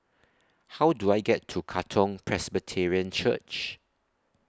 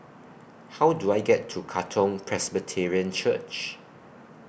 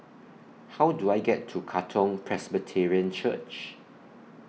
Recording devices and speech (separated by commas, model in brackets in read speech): standing microphone (AKG C214), boundary microphone (BM630), mobile phone (iPhone 6), read sentence